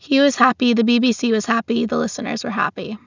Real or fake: real